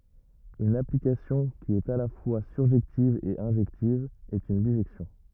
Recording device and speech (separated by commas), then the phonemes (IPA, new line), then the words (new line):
rigid in-ear microphone, read sentence
yn aplikasjɔ̃ ki ɛt a la fwa syʁʒɛktiv e ɛ̃ʒɛktiv ɛt yn biʒɛksjɔ̃
Une application qui est à la fois surjective et injective est une bijection.